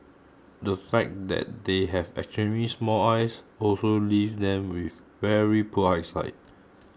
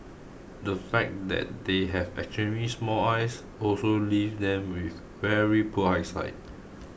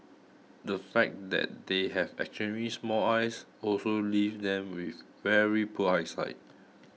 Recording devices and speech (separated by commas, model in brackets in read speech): close-talking microphone (WH20), boundary microphone (BM630), mobile phone (iPhone 6), read sentence